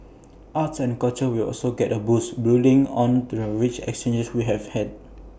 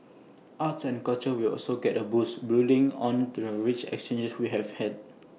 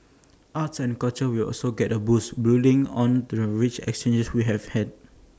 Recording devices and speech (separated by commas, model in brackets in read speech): boundary microphone (BM630), mobile phone (iPhone 6), standing microphone (AKG C214), read sentence